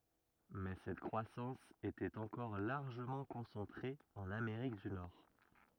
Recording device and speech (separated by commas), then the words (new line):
rigid in-ear microphone, read sentence
Mais cette croissance était encore largement concentrée en Amérique du Nord.